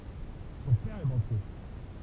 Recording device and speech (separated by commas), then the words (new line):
temple vibration pickup, read sentence
Son père est banquier.